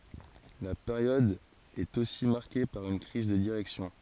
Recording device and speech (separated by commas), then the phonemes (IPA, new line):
forehead accelerometer, read sentence
la peʁjɔd ɛt osi maʁke paʁ yn kʁiz də diʁɛksjɔ̃